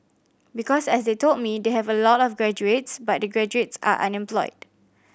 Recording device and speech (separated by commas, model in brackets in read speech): boundary microphone (BM630), read sentence